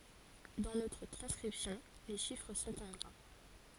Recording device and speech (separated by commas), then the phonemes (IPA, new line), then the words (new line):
forehead accelerometer, read sentence
dɑ̃ notʁ tʁɑ̃skʁipsjɔ̃ le ʃifʁ sɔ̃t ɑ̃ ɡʁa
Dans notre transcription, les chiffres sont en gras.